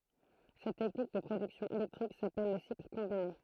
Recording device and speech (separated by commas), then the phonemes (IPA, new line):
throat microphone, read sentence
sɛt tɛknik də pʁodyksjɔ̃ elɛktʁik sapɛl lə sikl kɔ̃bine